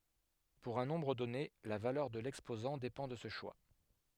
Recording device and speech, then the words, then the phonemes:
headset microphone, read sentence
Pour un nombre donné, la valeur de l'exposant dépend de ce choix.
puʁ œ̃ nɔ̃bʁ dɔne la valœʁ də lɛkspozɑ̃ depɑ̃ də sə ʃwa

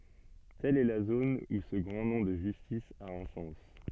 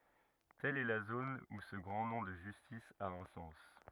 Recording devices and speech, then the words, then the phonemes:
soft in-ear microphone, rigid in-ear microphone, read sentence
Telle est la zone où ce grand nom de justice a un sens.
tɛl ɛ la zon u sə ɡʁɑ̃ nɔ̃ də ʒystis a œ̃ sɑ̃s

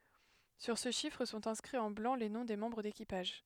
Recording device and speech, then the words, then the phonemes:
headset microphone, read sentence
Sur ce chiffre sont inscrits en blanc les noms des membres d'équipage.
syʁ sə ʃifʁ sɔ̃t ɛ̃skʁiz ɑ̃ blɑ̃ le nɔ̃ de mɑ̃bʁ dekipaʒ

